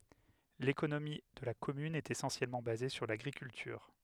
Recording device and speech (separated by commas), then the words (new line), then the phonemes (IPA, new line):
headset microphone, read sentence
L'économie de la commune est essentiellement basée sur l'agriculture.
lekonomi də la kɔmyn ɛt esɑ̃sjɛlmɑ̃ baze syʁ laɡʁikyltyʁ